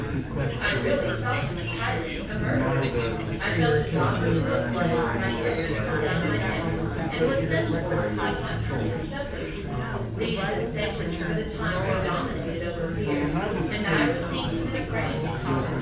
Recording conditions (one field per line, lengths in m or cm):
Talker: one person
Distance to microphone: 9.8 m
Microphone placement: far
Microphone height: 1.8 m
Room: large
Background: babble